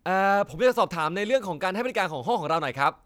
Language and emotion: Thai, neutral